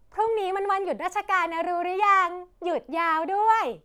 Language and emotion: Thai, happy